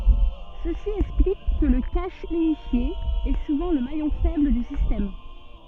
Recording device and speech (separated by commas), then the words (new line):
soft in-ear microphone, read sentence
Ceci explique que le cache unifié est souvent le maillon faible du système.